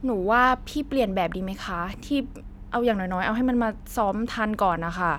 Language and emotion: Thai, frustrated